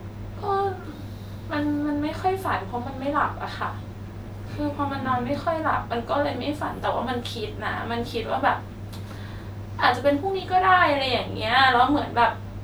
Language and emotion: Thai, sad